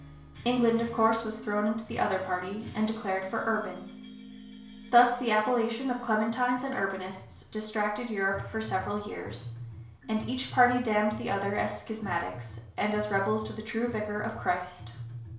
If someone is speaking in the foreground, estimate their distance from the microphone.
1.0 m.